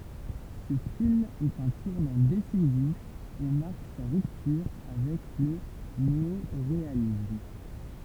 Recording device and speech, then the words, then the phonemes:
temple vibration pickup, read sentence
Ce film est un tournant décisif et marque sa rupture avec le néoréalisme.
sə film ɛt œ̃ tuʁnɑ̃ desizif e maʁk sa ʁyptyʁ avɛk lə neoʁealism

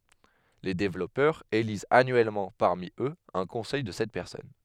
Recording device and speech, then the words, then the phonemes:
headset microphone, read sentence
Les développeurs élisent annuellement parmi eux un conseil de sept personnes.
le devlɔpœʁz elizt anyɛlmɑ̃ paʁmi øz œ̃ kɔ̃sɛj də sɛt pɛʁsɔn

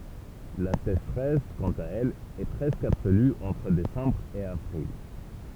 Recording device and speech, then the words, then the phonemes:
temple vibration pickup, read sentence
La sécheresse, quant à elle, est presque absolue entre décembre et avril.
la seʃʁɛs kɑ̃t a ɛl ɛ pʁɛskə absoly ɑ̃tʁ desɑ̃bʁ e avʁil

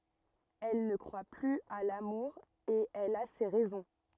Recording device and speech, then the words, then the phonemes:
rigid in-ear microphone, read sentence
Elle ne croit plus à l'amour et elle a ses raisons.
ɛl nə kʁwa plyz a lamuʁ e ɛl a se ʁɛzɔ̃

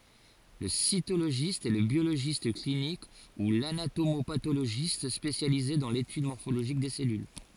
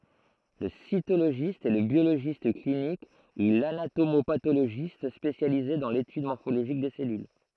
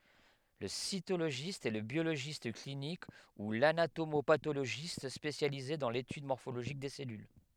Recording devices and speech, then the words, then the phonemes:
forehead accelerometer, throat microphone, headset microphone, read sentence
Le cytologiste est le biologiste clinique ou l'anatomo-pathologiste spécialisé dans l'étude morphologique des cellules.
lə sitoloʒist ɛ lə bjoloʒist klinik u lanatomopatoloʒist spesjalize dɑ̃ letyd mɔʁfoloʒik de sɛlyl

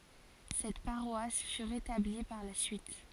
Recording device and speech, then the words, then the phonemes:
forehead accelerometer, read sentence
Cette paroisse fut rétablie par la suite.
sɛt paʁwas fy ʁetabli paʁ la syit

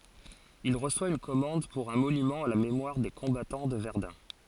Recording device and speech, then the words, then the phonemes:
forehead accelerometer, read sentence
Il reçoit une commande pour un monument à la mémoire des combattants de Verdun.
il ʁəswa yn kɔmɑ̃d puʁ œ̃ monymɑ̃ a la memwaʁ de kɔ̃batɑ̃ də vɛʁdœ̃

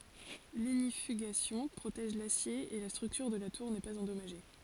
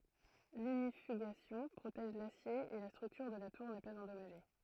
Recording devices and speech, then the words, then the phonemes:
forehead accelerometer, throat microphone, read sentence
L'ignifugation protège l'acier et la structure de la tour n'est pas endommagée.
liɲifyɡasjɔ̃ pʁotɛʒ lasje e la stʁyktyʁ də la tuʁ nɛ paz ɑ̃dɔmaʒe

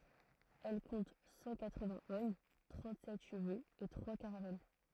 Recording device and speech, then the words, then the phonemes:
throat microphone, read sentence
Elle compte cent quatre-vingts hommes, trente-sept chevaux et trois caravelles.
ɛl kɔ̃t sɑ̃ katʁəvɛ̃z ɔm tʁɑ̃tzɛt ʃəvoz e tʁwa kaʁavɛl

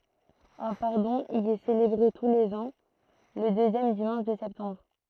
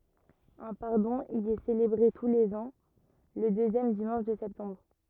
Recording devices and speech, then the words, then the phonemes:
throat microphone, rigid in-ear microphone, read sentence
Un pardon y est célébré tous les ans le deuxième dimanche de septembre.
œ̃ paʁdɔ̃ i ɛ selebʁe tu lez ɑ̃ lə døzjɛm dimɑ̃ʃ də sɛptɑ̃bʁ

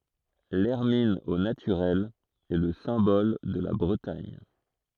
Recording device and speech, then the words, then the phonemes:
throat microphone, read sentence
L'hermine au naturel est le symbole de la Bretagne.
lɛʁmin o natyʁɛl ɛ lə sɛ̃bɔl də la bʁətaɲ

